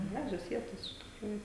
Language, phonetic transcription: Lithuanian, ˈgražios ˈvietos iš tikˈrųju

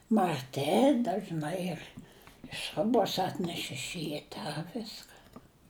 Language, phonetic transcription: Lithuanian, marˈti dažˈnai ir ˈsrubos ˈatneš iš ˈryta ˈviska

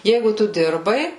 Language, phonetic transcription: Lithuanian, ˈjeigu ˈtu ˈdirbai

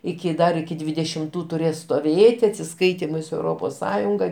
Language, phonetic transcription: Lithuanian, ˈiki ˈdar iki dvidešimˈtų tuˈrės stoˈvėti atsiˈskaitymai su euˈropos ˈsąjunga

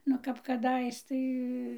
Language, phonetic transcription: Lithuanian, nu ˈkap kaˈdais ˈtai

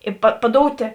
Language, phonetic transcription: Lithuanian, ˈi pa paˈdoutė

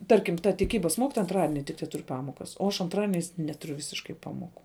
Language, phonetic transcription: Lithuanian, ˈtarkim ta tiˈkybas ˈmokitoja anˈtradini tik teˈtur' ˈpamokas o aš anˈtradieniais ˈnetuˌriu ˈvisiškai ˈpamoˌku

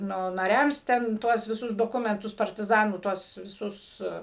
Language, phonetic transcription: Lithuanian, ˈnu naˈriams ten ˈtuos viˈsus doˈkumentus partiˈzanų ˈtuos viˈsus

